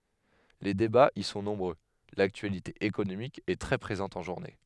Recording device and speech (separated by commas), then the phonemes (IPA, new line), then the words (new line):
headset microphone, read sentence
le debaz i sɔ̃ nɔ̃bʁø laktyalite ekonomik ɛ tʁɛ pʁezɑ̃t ɑ̃ ʒuʁne
Les débats y sont nombreux, l'actualité économique est très présente en journée.